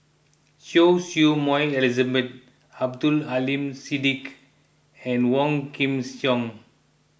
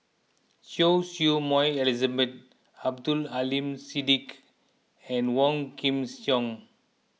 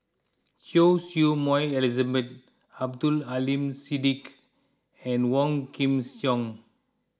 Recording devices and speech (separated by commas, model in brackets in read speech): boundary microphone (BM630), mobile phone (iPhone 6), close-talking microphone (WH20), read sentence